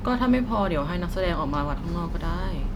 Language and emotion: Thai, frustrated